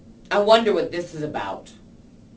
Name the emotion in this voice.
disgusted